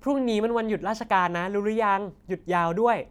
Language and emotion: Thai, happy